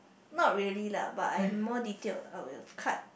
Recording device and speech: boundary microphone, conversation in the same room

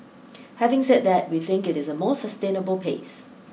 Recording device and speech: mobile phone (iPhone 6), read sentence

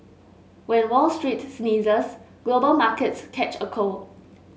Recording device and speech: mobile phone (Samsung S8), read sentence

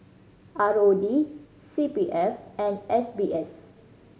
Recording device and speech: mobile phone (Samsung C5010), read sentence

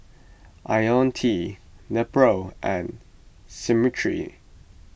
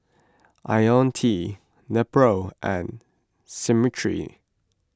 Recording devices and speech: boundary microphone (BM630), close-talking microphone (WH20), read sentence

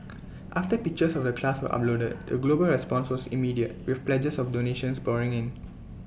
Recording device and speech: boundary microphone (BM630), read sentence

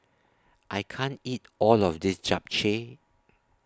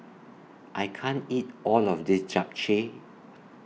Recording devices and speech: standing microphone (AKG C214), mobile phone (iPhone 6), read sentence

